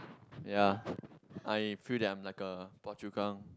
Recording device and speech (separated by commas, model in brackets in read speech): close-talking microphone, conversation in the same room